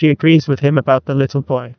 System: TTS, neural waveform model